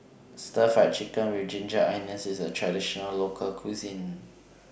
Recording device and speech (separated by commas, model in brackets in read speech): boundary microphone (BM630), read sentence